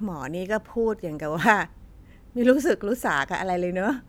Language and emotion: Thai, frustrated